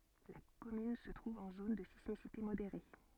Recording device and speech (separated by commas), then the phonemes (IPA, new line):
soft in-ear microphone, read sentence
la kɔmyn sə tʁuv ɑ̃ zon də sismisite modeʁe